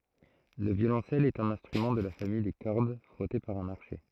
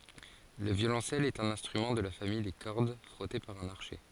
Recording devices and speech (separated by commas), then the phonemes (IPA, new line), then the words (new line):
throat microphone, forehead accelerometer, read sentence
lə vjolɔ̃sɛl ɛt œ̃n ɛ̃stʁymɑ̃ də la famij de kɔʁd fʁɔte paʁ œ̃n aʁʃɛ
Le violoncelle est un instrument de la famille des cordes frottées par un archet.